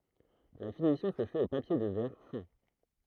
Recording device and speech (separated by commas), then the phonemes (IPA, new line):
throat microphone, read sentence
la finisjɔ̃ sə fɛt o papje də vɛʁ fɛ̃